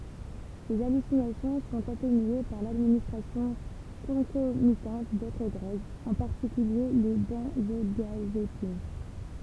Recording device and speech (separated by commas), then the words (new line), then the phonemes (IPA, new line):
temple vibration pickup, read sentence
Ces hallucinations sont atténuées par l'administration concomitante d'autres drogues, en particulier les benzodiazépines.
se alysinasjɔ̃ sɔ̃t atenye paʁ ladministʁasjɔ̃ kɔ̃komitɑ̃t dotʁ dʁoɡz ɑ̃ paʁtikylje le bɑ̃zodjazepin